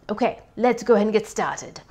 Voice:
mad scientist voice